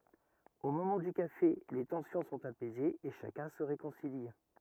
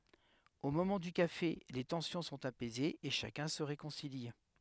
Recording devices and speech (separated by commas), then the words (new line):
rigid in-ear microphone, headset microphone, read sentence
Au moment du café, les tensions sont apaisées et chacun se réconcilie.